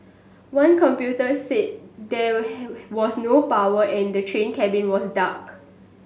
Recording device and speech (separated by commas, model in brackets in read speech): mobile phone (Samsung S8), read sentence